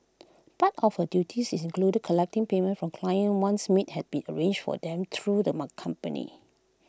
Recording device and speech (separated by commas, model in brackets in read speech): close-talking microphone (WH20), read sentence